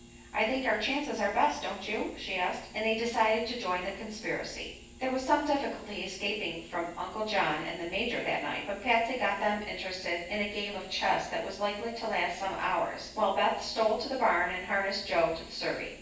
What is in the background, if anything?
Nothing.